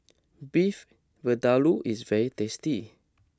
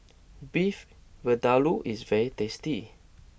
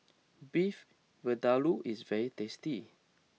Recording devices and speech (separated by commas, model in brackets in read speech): close-talking microphone (WH20), boundary microphone (BM630), mobile phone (iPhone 6), read sentence